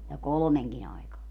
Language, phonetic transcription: Finnish, ja "kolᵒmeŋkin ‿ai̮kaa .
- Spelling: ja kolmenkin aikaan

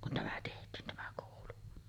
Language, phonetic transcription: Finnish, kun tämä 'teht̀iin 'tämä kòulu .
- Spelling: kun tämä tehtiin tämä koulu

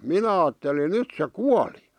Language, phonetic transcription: Finnish, 'minä aattelin 'nyt se "kuali .
- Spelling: minä ajattelin nyt se kuoli

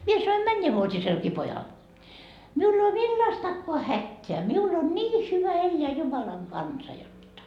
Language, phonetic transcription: Finnish, 'mie sanoim "männevuot́iselki 'pojal , miul ‿ei oo "millastakkoa 'hätteä miul ‿on nii 'hyvä 'elleä "Jumalaŋ kansa 'jotta .
- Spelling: minä sanoin mennävuotisellekin pojalle minulla ei ole millaistakaan hätää minulla on niin hyvä elää Jumalan kanssa jotta

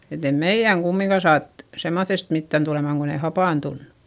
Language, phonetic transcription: Finnish, et ‿e meiʲäŋ kummiŋka saat , semmoϑϑest mittän tulemàŋ kon ‿ei hapàntunnU .
- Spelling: että ei meidän kumminkaan saatu semmoisesta mitään tuleman kun ei hapantunut

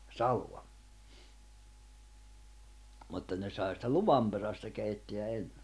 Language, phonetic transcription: Finnish, 'salo̭a , mutta ne sai sⁱtä "luvam perästä keittḙä 'enɴᴇ .
- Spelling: salaa mutta ne sai sitä luvan perästä keittää ennen

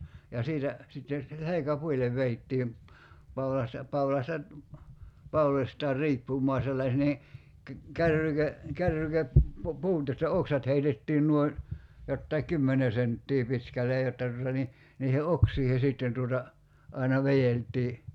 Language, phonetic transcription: Finnish, ja 'siitä , 'sitten̬ , 'selekä"puil̆lev 'veittiim , 'paulasta , 'paulasta , 'paulośtaar 'riippum̀oa sellas- nii , kä- , 'kärryke- , 'kärryke- , -pu- -puut josta "oksat heitettiin nuoin̬ , jottai "k̀ymmene senttii 'pitkäl̆lej 'jotta tuta ni , niihe 'oksiihe sìtten tuota , 'aina 'vejelt̀ii .
- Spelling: ja siitä sitten selkäpuille vedettiin paulasta paulasta pauloistaan riippumaan - niin - - - - kärrykepuut josta oksat heitettiin noin jotakin kymmenen senttiä pitkälle jotta tuota niin niiden oksiin sitten tuota aina vedeltiin

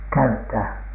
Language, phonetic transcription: Finnish, käyttää ?
- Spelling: käyttää

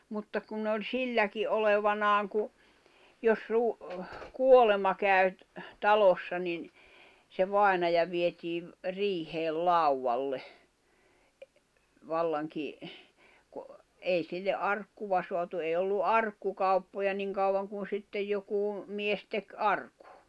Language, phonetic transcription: Finnish, mutta kun ne oĺ "silläki '’olevanaaŋ ku , jos ruu- , "kuolema käy̬ , 'talossa nin , se 'vàenaja vietiiv , 'riiheel 'lauwvalle , 'vallaŋki , ku , 'èi sille "’arkkuva soatu 'èi̬ ollu "’arkkukauppoja 'niŋ kauwaŋ kun̬ 'sittej jokù , 'mies tek "arkᴜ .
- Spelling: mutta kun ne oli silläkin olevinaan kun jos - kuolema kävi talossa niin se vainaja vietiin riiheen laudalle vallankin kun ei sille arkkua saatu ei ollut arkkukauppoja niin kauan kun sitten joku mies teki arkun

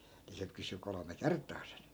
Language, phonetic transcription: Finnish, ni se 'kysy 'kolome "kert̆taa sen .
- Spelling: niin se kysyi kolme kertaa sen

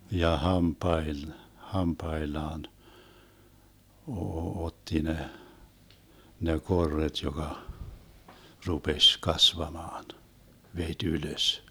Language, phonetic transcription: Finnish, ja 'hampael- , 'hampaellaan , oo- 'otti ne , ne 'korret joka , 'rupeś 'kasvamaan , 'vet́ "ylös .
- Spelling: ja - hampaillaan - otti ne ne korret joka rupesi kasvamaan veti ylös

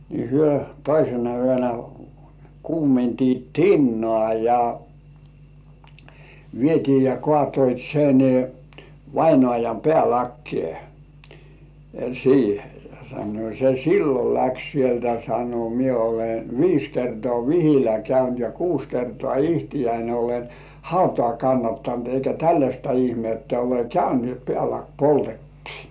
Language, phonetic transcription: Finnish, ni hyö 'toisena yönä , 'kuumentiit "tinnŏà ja , 'vietii ja 'kŏàtoit sen 'vainŏàjam "pĕä̀lakkĭè , "siihe ja sannoi(t) » se "sillol 'läks sieltä « sano » mie ole "viis kertŏà "vihilä 'käynt ja "kuus 'kertŏà ihtijäin olen "hautŏ§à 'kannattant eikä "tälläśta 'ihmettä ole "käynt ni ‿ot "pĕä̀lak "poltettɪɪ « .
- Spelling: niin he toisena yönä kuumensivat tinaa ja vietiin ja kaatoivat sen vainajan päälakeen siihen ja sanoivat se silloin lähti sieltä sanoi minä olen viisi kertaa vihillä käynyt ja kuusi kertaa itseäni olen hautaan kannattanut eikä tällaista ihmettä ole käynyt niin jotta päälaki poltettiin

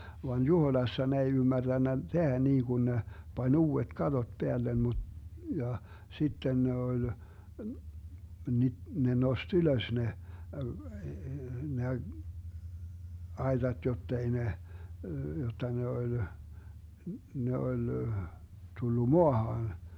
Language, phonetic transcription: Finnish, van "Juhoⁱlassa 'ne ei 'ymmärDännä , "tehä 'niiGun ne , 'pań "uu₍et 'katot 'peällem mu- , ja , 'sitten ne oĺ , ni- , ne 'nost "ylös 'ne , ne , 'aetat jottei ne , jotta 'ne oĺ , 'ne oĺ , 'tullu "moahaan .
- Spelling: vaan Juhoiassa ne ei ymmärtänyt tehdä niin kuin ne pani uudet katot päälle - ja sitten ne oli - ne nosti ylös ne ne aitat jotta ei ne jotta ne oli ne oli tullut maahan

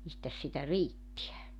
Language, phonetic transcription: Finnish, 'mistäs sitä "riittiä .
- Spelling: mistäs sitä riittää

